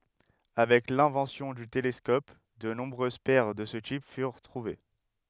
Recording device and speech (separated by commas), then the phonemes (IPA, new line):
headset microphone, read sentence
avɛk lɛ̃vɑ̃sjɔ̃ dy telɛskɔp də nɔ̃bʁøz pɛʁ də sə tip fyʁ tʁuve